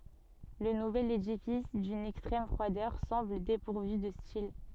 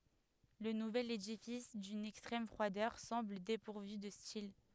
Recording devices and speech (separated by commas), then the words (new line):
soft in-ear microphone, headset microphone, read sentence
Le nouvel édifice, d'une extrême froideur, semble dépourvu de style.